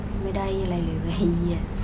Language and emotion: Thai, frustrated